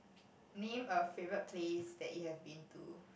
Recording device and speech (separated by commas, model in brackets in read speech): boundary microphone, conversation in the same room